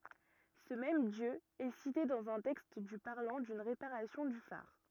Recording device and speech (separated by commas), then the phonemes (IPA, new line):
rigid in-ear microphone, read sentence
sə mɛm djø ɛ site dɑ̃z œ̃ tɛkst dy paʁlɑ̃ dyn ʁepaʁasjɔ̃ dy faʁ